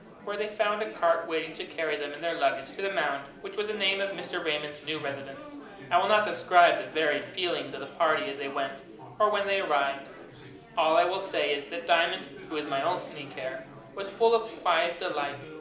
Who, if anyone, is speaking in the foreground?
One person.